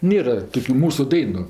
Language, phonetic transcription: Lithuanian, ˈnėra ˈtokiu ˈmūsu ˈdainu

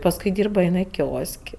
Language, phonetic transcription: Lithuanian, pasˈkui ˈdyrba iˈnai ˈkios'k'

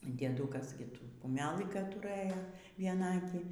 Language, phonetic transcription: Lithuanian, dieˈdukas ˈgi ˈtų kuˈmelɨ ka ˈturɘjo vieˈnaakį

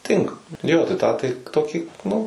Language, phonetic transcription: Lithuanian, ˈtinka ˈjo tai ˈtą tai ˈtokį nu

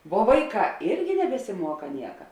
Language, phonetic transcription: Lithuanian, vuo ˈvaiˌkā ˈirgi nebesiˈmuoka ˈnieka

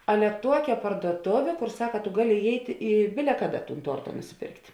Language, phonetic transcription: Lithuanian, ˈale ˈtuokia parduoˈtovė ˈkor ˈsaka tu ˈgaˌli iˈjeit' i ˈbile ˈkaˌda tūn ˈtuorta nusiˈpėrkt'

